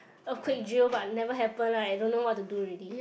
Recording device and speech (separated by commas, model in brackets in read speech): boundary microphone, conversation in the same room